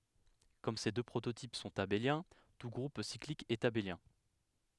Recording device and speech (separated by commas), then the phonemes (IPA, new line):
headset microphone, read sentence
kɔm se dø pʁototip sɔ̃t abeljɛ̃ tu ɡʁup siklik ɛt abeljɛ̃